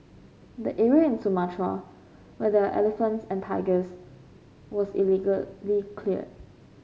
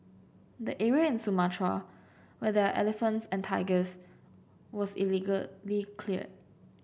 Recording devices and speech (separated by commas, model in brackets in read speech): mobile phone (Samsung C5), boundary microphone (BM630), read sentence